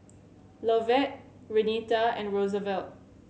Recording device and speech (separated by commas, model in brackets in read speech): mobile phone (Samsung C7100), read sentence